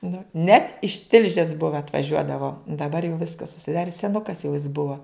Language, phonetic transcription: Lithuanian, nu net iš ˈtilžės ˈbuva atvaˈžiuodavo daˈbar jau ˈviskas užsiˈdari seˈnukas jau is ˈbua

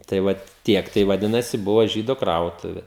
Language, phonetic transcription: Lithuanian, tai ˈvat ˈtiek tai vaˈdinasi ˈbuvo žydo ˈkrautuve

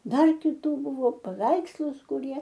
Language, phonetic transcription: Lithuanian, ˈdar kiˈtų ˈbuvo paˈveikslus kuˈrie

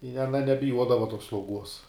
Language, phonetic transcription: Lithuanian, i aˈna nebiˈjuodava tos slauˈguos

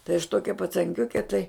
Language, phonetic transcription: Lithuanian, tai aš ˈtokia pacanˈkiuke tai

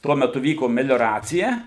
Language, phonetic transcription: Lithuanian, ˈtuo meˈtu ˈvyko melioˈracija

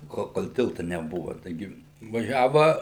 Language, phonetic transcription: Lithuanian, ˈkol kol ˈtilta neˈbuva taiˈgi vaˈžiava

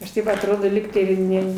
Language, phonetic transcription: Lithuanian, aš ˈtaip atˈrodo ˈlygtai i ˈne

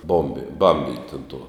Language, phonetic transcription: Lithuanian, ˈbombi ˈbambint' un tuo

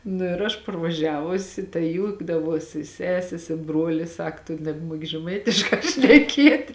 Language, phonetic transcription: Lithuanian, nu ir ˈaš parvaˈžiavusi tai ˈjūkdavosi ˈsesės i ˈbruolis ˈsak tu nebˈmuoki žeˈmaitiškā šneˈkiet'

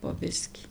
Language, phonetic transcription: Lithuanian, po ˈbiskį

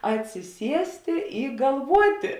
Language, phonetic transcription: Lithuanian, atsiˈsiestė i galˈvuotė

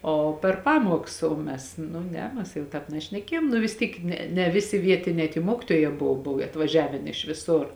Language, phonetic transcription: Lithuanian, o per ˈpamuoks o ˈmes nu ˈne ˈmes jau ˈtāp nešneˈkiejom nu vis ˈtyk ˈne ne ˈviˌsi ˈvietinē tie ˈmuokituojē jau ˈbov ˈbov atvaˈžiavėn iš viˈsur

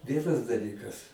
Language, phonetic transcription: Lithuanian, ˈvienas daˈlykas

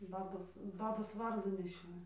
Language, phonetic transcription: Lithuanian, ˈbabos ˈbabos ˈvardų neˈšioju

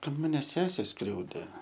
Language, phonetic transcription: Lithuanian, kad ˈmane ˈsesė ˈskriaudė

